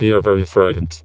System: VC, vocoder